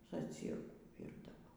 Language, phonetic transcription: Lithuanian, zaˈcyrkų ˈvyrdavo

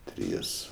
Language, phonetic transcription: Lithuanian, ˈtrys

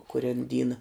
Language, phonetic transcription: Lithuanian, kuˈren ˈdyna

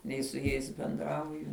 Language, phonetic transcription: Lithuanian, ˈnei su ˈjais benˈdrauju

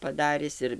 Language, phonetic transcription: Lithuanian, paˈdaris ˈir

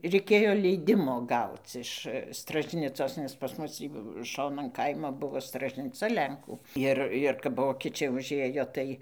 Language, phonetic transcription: Lithuanian, reiˈkėjo ˈleidimo ˈgauc iš stražˈnicos nes pas ˈmus tį ˈšonan ˈkaimo ˈbuvo stražniˈca ˈlenkų ˈir ir kap ˈvokečiai užˈėjo ˈtai

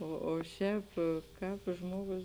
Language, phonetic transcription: Lithuanian, o o ˈšēp ˈkāp ˈžmogus

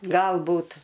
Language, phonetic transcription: Lithuanian, galˈbūt

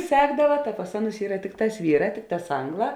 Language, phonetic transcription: Lithuanian, ˈsekdava ta pas ˈaˌnus ˈyra ˈtikˌtās ˈvyˌrā ˈtikˌtās ˈangˌlā

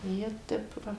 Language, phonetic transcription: Lithuanian, ˈjie ˈtep ˈva

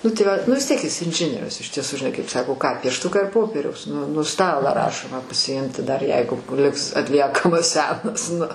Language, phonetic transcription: Lithuanian, ˈnu tai ˈva nu vis ˈtiek is inˈžinierius iš tieˈsu žiˈnai kaip ˈsako ką piešˈtuką ir ˈpopieriaus nu nu ˈstalą ˈrašomą pasiˈimti dar ˈjeigu ˈliks atˈliekamas ˈsenas nu

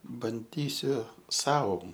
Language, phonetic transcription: Lithuanian, banˈdysiu ˈsau

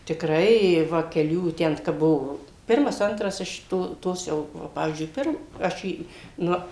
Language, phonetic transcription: Lithuanian, tikˈrai i ˈva keˈlių ˈten kap ˈbuvo ˈpirmas ˈantras iš ˈto ˈtos jau va ˈpavyzdžiui ˈpir ˈaš ˈį ˈnu

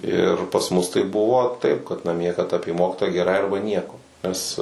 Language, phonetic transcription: Lithuanian, ˈir pas ˈmus tai ˈbuvo taip kad naˈmie kad ˈapie ˈmokitoją geˈrai ˈarba ˈnieko nes

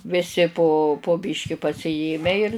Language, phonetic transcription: Lithuanian, viˈsi po po ˈbiški pasiˈjėmę ir

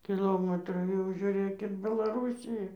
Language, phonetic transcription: Lithuanian, kiˈlomatrų jau žiuˈrėk ir belaˈrūsija

